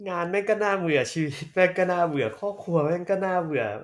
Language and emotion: Thai, frustrated